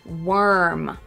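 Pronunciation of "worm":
'Worm' is pronounced correctly, with the er sound, an R-colored vowel.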